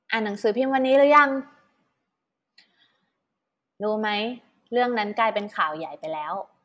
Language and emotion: Thai, neutral